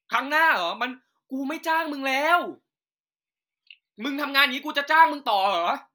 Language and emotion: Thai, angry